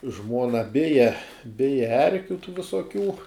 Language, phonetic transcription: Lithuanian, ˈžmuona ˈbija ˈbija ˈerkiu tų visoˈkių

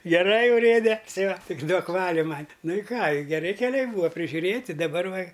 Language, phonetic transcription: Lithuanian, geˈrai uˈrėde ti va ˈtik ˈduok ˈvaliu ˈman' ˈnu i ˈką i geˈri keˈliai ˈbūa prižiuˈrėti daˈbar ˈva

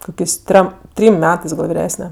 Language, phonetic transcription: Lithuanian, ˈkokės' ˈtrem ˈtrym ˈmetɜs gal viˈresne

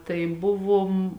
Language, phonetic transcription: Lithuanian, tai ˈbuvom

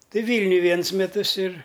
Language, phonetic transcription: Lithuanian, ˈtai ˈvylniuj ˈvienus meˈtus ir

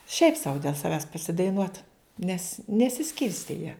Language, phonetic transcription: Lithuanian, šiaip sau dėl saˈvęs pasidaiˈnuot nes nesiˈskirstė jie

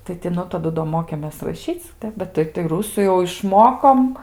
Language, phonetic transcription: Lithuanian, tai ti ˈnu taˈdu do ˈmokėmės raˈšyc ˈtep bet ˈtai tai ˈrusų jau išˈmokom

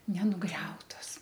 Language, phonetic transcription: Lithuanian, nenuˈgriautos

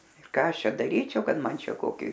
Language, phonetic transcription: Lithuanian, ir ˈką ˈaš ˈčia daˈryčiau ˈkad ˈman ˈčia ˈkoki

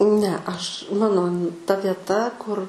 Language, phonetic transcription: Lithuanian, ne aš ˈmano ta vieˈta kur

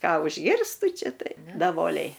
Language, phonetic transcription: Lithuanian, ˈką užˈgirstu ˈčia ˈtai daˈvoliai

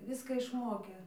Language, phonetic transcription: Lithuanian, ˈviska išˈmokė

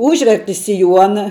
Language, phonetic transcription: Lithuanian, ˈūžverti siˈjuona

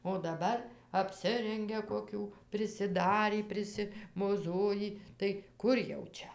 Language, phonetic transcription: Lithuanian, o daˈbar apˈsirengia koˈkių prisiˈdarį prisimoˈzojį tai ˈkur jau ˈčia

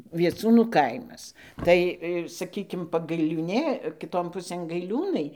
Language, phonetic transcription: Lithuanian, vieˈcūnų ˈkaimas ˈtai ˈsakykim pagailiūˈnė kiˈton ˈpusėn gaiˈliūnai

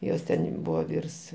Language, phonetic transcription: Lithuanian, ˈjos ten' ˈbūva ˈvyrs

